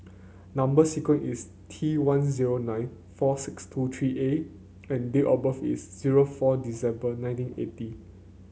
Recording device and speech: mobile phone (Samsung C9), read sentence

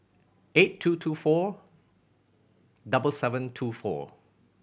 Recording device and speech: boundary microphone (BM630), read sentence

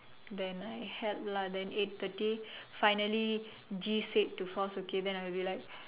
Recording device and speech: telephone, conversation in separate rooms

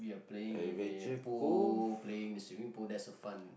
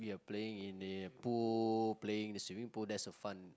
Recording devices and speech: boundary microphone, close-talking microphone, conversation in the same room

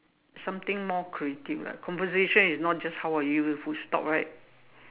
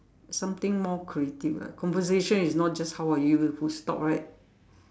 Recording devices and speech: telephone, standing microphone, conversation in separate rooms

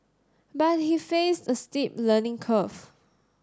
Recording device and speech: standing microphone (AKG C214), read sentence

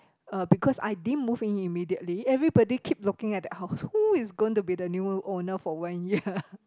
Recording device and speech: close-talking microphone, conversation in the same room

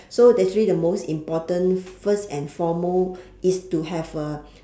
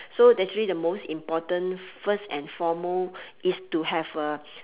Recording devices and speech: standing microphone, telephone, conversation in separate rooms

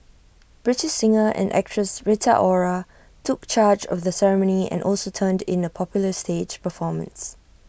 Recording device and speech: boundary microphone (BM630), read sentence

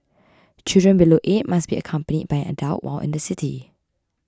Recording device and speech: close-talking microphone (WH20), read sentence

